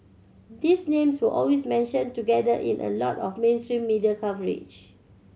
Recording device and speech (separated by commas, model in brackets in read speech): mobile phone (Samsung C7100), read sentence